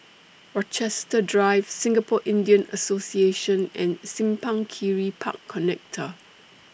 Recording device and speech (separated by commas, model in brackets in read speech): boundary microphone (BM630), read sentence